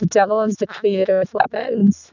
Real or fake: fake